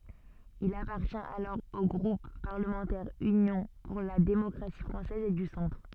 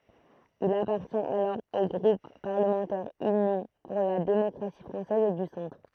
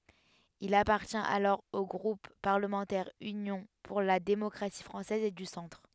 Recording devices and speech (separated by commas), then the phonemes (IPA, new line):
soft in-ear microphone, throat microphone, headset microphone, read sentence
il apaʁtjɛ̃t alɔʁ o ɡʁup paʁləmɑ̃tɛʁ ynjɔ̃ puʁ la demɔkʁasi fʁɑ̃sɛz e dy sɑ̃tʁ